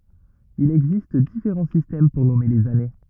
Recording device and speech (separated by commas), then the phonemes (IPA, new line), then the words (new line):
rigid in-ear microphone, read sentence
il ɛɡzist difeʁɑ̃ sistɛm puʁ nɔme lez ane
Il existe différents systèmes pour nommer les années.